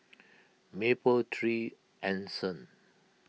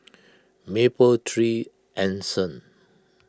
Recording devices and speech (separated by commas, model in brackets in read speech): mobile phone (iPhone 6), close-talking microphone (WH20), read sentence